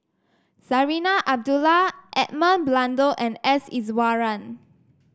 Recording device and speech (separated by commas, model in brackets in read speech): standing microphone (AKG C214), read sentence